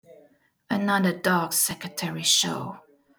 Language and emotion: English, disgusted